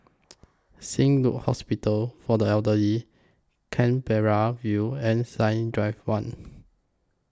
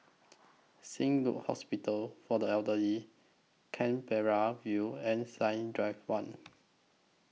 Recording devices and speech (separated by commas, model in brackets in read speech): close-talking microphone (WH20), mobile phone (iPhone 6), read sentence